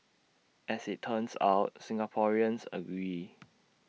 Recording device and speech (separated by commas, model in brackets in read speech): mobile phone (iPhone 6), read sentence